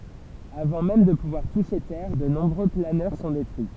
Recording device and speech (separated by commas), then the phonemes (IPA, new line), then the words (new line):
temple vibration pickup, read sentence
avɑ̃ mɛm də puvwaʁ tuʃe tɛʁ də nɔ̃bʁø planœʁ sɔ̃ detʁyi
Avant même de pouvoir toucher terre, de nombreux planeurs sont détruits.